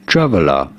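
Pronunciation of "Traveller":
'Traveller' is said with a British English pronunciation.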